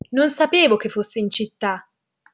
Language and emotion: Italian, surprised